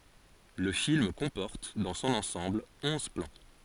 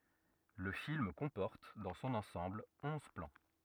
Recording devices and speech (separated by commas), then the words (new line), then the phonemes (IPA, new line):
forehead accelerometer, rigid in-ear microphone, read sentence
Le film comporte, dans son ensemble, onze plans.
lə film kɔ̃pɔʁt dɑ̃ sɔ̃n ɑ̃sɑ̃bl ɔ̃z plɑ̃